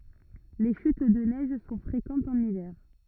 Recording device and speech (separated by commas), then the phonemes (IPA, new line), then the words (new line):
rigid in-ear microphone, read sentence
le ʃyt də nɛʒ sɔ̃ fʁekɑ̃tz ɑ̃n ivɛʁ
Les chutes de neige sont fréquentes en hiver.